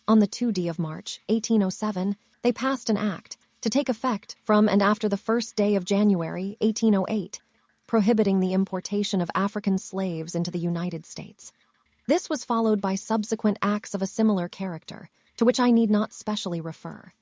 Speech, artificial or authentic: artificial